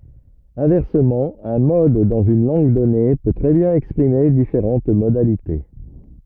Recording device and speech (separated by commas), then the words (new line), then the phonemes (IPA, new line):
rigid in-ear microphone, read sentence
Inversement, un mode dans une langue donnée peut très bien exprimer différentes modalités.
ɛ̃vɛʁsəmɑ̃ œ̃ mɔd dɑ̃z yn lɑ̃ɡ dɔne pø tʁɛ bjɛ̃n ɛkspʁime difeʁɑ̃t modalite